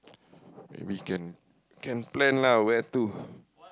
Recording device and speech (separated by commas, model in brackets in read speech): close-talking microphone, conversation in the same room